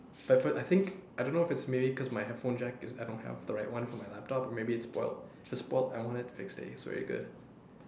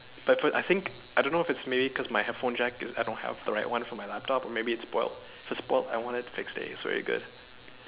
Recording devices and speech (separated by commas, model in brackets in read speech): standing microphone, telephone, conversation in separate rooms